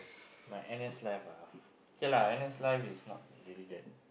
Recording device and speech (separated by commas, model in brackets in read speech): boundary microphone, conversation in the same room